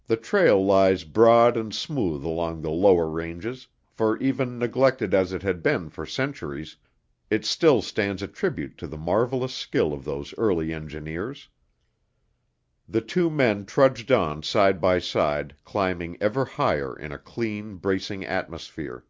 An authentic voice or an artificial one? authentic